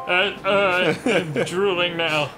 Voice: funny voice